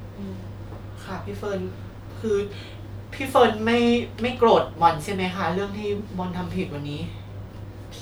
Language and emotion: Thai, sad